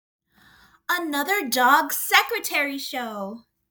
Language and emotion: English, happy